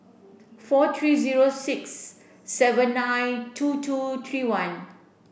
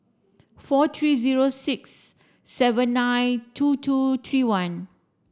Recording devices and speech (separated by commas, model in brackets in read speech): boundary microphone (BM630), standing microphone (AKG C214), read sentence